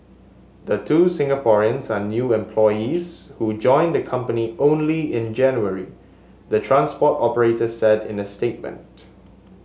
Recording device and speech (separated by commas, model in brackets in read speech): mobile phone (Samsung S8), read sentence